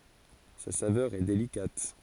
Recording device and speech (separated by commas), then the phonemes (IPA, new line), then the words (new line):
forehead accelerometer, read sentence
sa savœʁ ɛ delikat
Sa saveur est délicate.